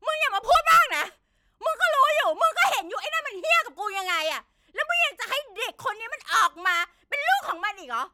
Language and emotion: Thai, angry